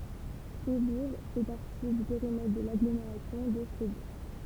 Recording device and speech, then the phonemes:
temple vibration pickup, read sentence
fʁibuʁ fɛ paʁti dy peʁimɛtʁ də laɡlomeʁasjɔ̃ də fʁibuʁ

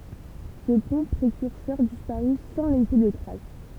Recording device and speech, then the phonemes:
temple vibration pickup, read sentence
sə pɔ̃ pʁekyʁsœʁ dispaʁy sɑ̃ lɛse də tʁas

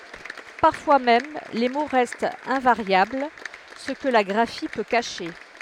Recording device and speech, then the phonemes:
headset microphone, read sentence
paʁfwa mɛm le mo ʁɛstt ɛ̃vaʁjabl sə kə la ɡʁafi pø kaʃe

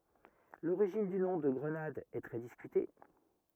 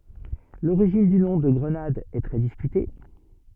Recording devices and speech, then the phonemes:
rigid in-ear microphone, soft in-ear microphone, read sentence
loʁiʒin dy nɔ̃ də ɡʁənad ɛ tʁɛ diskyte

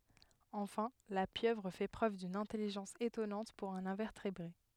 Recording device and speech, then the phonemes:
headset microphone, read sentence
ɑ̃fɛ̃ la pjøvʁ fɛ pʁøv dyn ɛ̃tɛliʒɑ̃s etɔnɑ̃t puʁ œ̃n ɛ̃vɛʁtebʁe

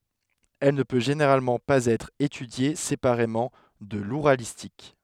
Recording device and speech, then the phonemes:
headset microphone, read sentence
ɛl nə pø ʒeneʁalmɑ̃ paz ɛtʁ etydje sepaʁemɑ̃ də luʁalistik

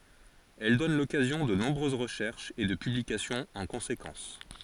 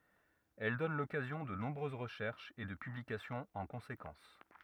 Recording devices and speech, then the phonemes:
forehead accelerometer, rigid in-ear microphone, read sentence
ɛl dɔn lɔkazjɔ̃ də nɔ̃bʁøz ʁəʃɛʁʃz e də pyblikasjɔ̃z ɑ̃ kɔ̃sekɑ̃s

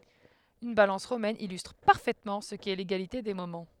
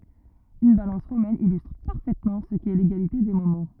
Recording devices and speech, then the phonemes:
headset microphone, rigid in-ear microphone, read sentence
yn balɑ̃s ʁomɛn ilystʁ paʁfɛtmɑ̃ sə kɛ leɡalite de momɑ̃

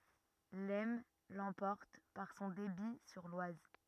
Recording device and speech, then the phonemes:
rigid in-ear microphone, read sentence
lɛsn lɑ̃pɔʁt paʁ sɔ̃ debi syʁ lwaz

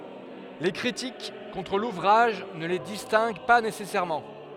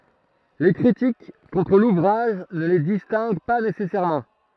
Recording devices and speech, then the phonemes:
headset microphone, throat microphone, read sentence
le kʁitik kɔ̃tʁ luvʁaʒ nə le distɛ̃ɡ pa nesɛsɛʁmɑ̃

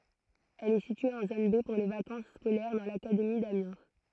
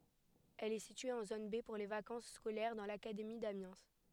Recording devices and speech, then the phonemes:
throat microphone, headset microphone, read sentence
ɛl ɛ sitye ɑ̃ zon be puʁ le vakɑ̃s skolɛʁ dɑ̃ lakademi damjɛ̃

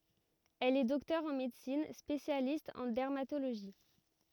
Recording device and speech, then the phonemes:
rigid in-ear microphone, read sentence
ɛl ɛ dɔktœʁ ɑ̃ medəsin spesjalist ɑ̃ dɛʁmatoloʒi

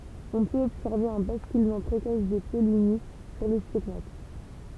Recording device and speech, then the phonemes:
temple vibration pickup, read sentence
ɔ̃ pøt ɔbsɛʁve œ̃ baskylmɑ̃ pʁekɔs de pɔlini syʁ lə stiɡmat

